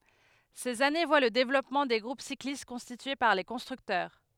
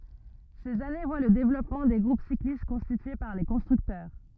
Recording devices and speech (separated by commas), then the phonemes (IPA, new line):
headset microphone, rigid in-ear microphone, read sentence
sez ane vwa lə devlɔpmɑ̃ de ɡʁup siklist kɔ̃stitye paʁ le kɔ̃stʁyktœʁ